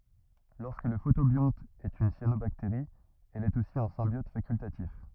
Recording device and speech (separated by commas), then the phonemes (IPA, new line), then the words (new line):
rigid in-ear microphone, read sentence
lɔʁskə lə fotobjɔ̃t ɛt yn sjanobakteʁi ɛl ɛt osi œ̃ sɛ̃bjɔt fakyltatif
Lorsque le photobionte est une cyanobactérie, elle est aussi un symbiote facultatif.